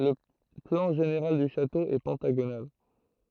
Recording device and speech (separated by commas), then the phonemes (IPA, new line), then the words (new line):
throat microphone, read sentence
lə plɑ̃ ʒeneʁal dy ʃato ɛ pɑ̃taɡonal
Le plan général du château est pentagonal.